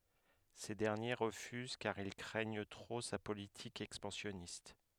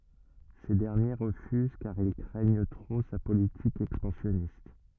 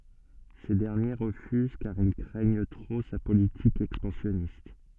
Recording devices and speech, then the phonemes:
headset microphone, rigid in-ear microphone, soft in-ear microphone, read sentence
se dɛʁnje ʁəfyz kaʁ il kʁɛɲ tʁo sa politik ɛkspɑ̃sjɔnist

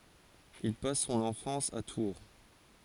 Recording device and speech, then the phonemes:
forehead accelerometer, read sentence
il pas sɔ̃n ɑ̃fɑ̃s a tuʁ

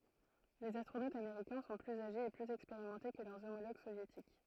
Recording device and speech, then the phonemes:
throat microphone, read sentence
lez astʁonotz ameʁikɛ̃ sɔ̃ plyz aʒez e plyz ɛkspeʁimɑ̃te kə lœʁ omoloɡ sovjetik

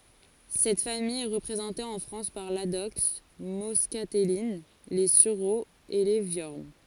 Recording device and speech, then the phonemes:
forehead accelerometer, read sentence
sɛt famij ɛ ʁəpʁezɑ̃te ɑ̃ fʁɑ̃s paʁ ladɔks mɔskatɛlin le syʁoz e le vjɔʁn

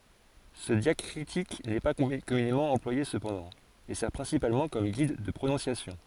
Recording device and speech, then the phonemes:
forehead accelerometer, read sentence
sə djakʁitik nɛ pa kɔmynemɑ̃ ɑ̃plwaje səpɑ̃dɑ̃ e sɛʁ pʁɛ̃sipalmɑ̃ kɔm ɡid də pʁonɔ̃sjasjɔ̃

